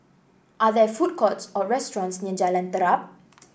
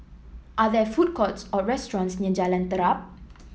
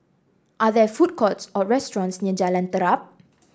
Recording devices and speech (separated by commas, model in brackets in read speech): boundary microphone (BM630), mobile phone (iPhone 7), standing microphone (AKG C214), read sentence